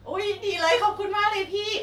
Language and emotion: Thai, happy